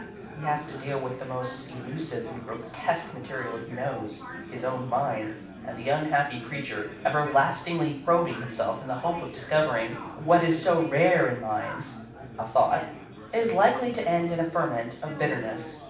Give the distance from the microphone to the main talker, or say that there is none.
5.8 m.